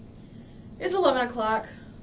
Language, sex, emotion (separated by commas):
English, female, neutral